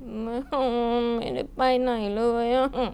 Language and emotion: Thai, sad